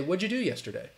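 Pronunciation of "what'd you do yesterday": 'What'd you do yesterday' is said casually, informally and very quickly, with 'did you' reduced and connected rather than said in full.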